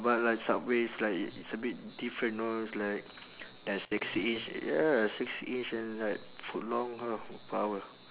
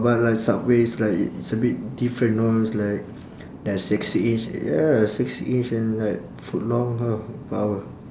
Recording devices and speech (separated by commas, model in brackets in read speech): telephone, standing microphone, conversation in separate rooms